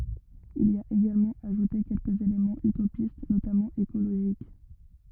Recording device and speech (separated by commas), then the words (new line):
rigid in-ear microphone, read sentence
Il y a également ajouté quelques éléments utopistes, notamment écologiques.